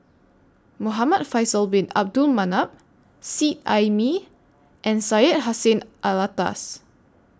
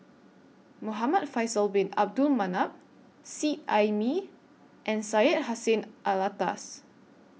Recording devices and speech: standing microphone (AKG C214), mobile phone (iPhone 6), read sentence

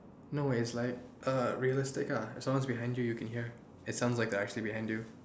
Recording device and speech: standing microphone, conversation in separate rooms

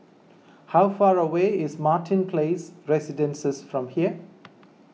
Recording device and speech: mobile phone (iPhone 6), read sentence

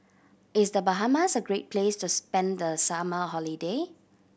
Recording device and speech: boundary microphone (BM630), read sentence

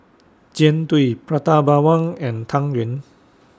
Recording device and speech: standing microphone (AKG C214), read sentence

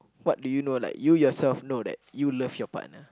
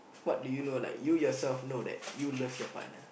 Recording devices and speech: close-talking microphone, boundary microphone, conversation in the same room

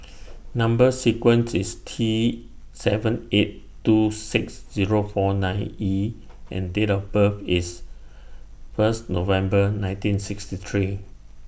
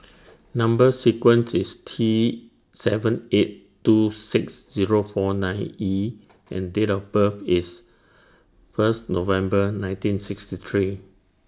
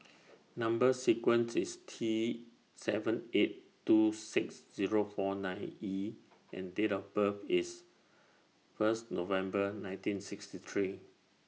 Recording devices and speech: boundary microphone (BM630), standing microphone (AKG C214), mobile phone (iPhone 6), read sentence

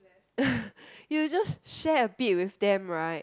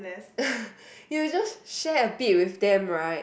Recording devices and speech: close-talking microphone, boundary microphone, conversation in the same room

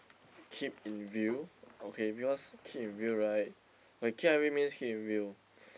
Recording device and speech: boundary microphone, conversation in the same room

